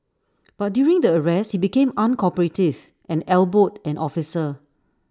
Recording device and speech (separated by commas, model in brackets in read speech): standing microphone (AKG C214), read sentence